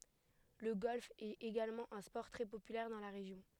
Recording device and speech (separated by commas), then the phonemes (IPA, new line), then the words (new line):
headset microphone, read sentence
lə ɡɔlf ɛt eɡalmɑ̃ œ̃ spɔʁ tʁɛ popylɛʁ dɑ̃ la ʁeʒjɔ̃
Le golf est également un sport très populaire dans la région.